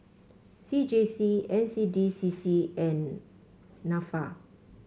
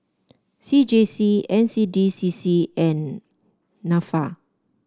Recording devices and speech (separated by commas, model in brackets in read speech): mobile phone (Samsung C5), standing microphone (AKG C214), read sentence